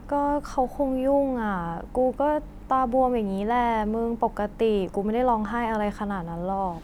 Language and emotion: Thai, frustrated